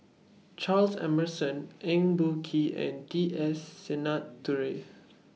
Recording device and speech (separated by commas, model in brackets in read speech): mobile phone (iPhone 6), read sentence